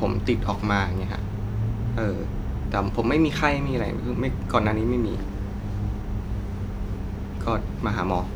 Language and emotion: Thai, frustrated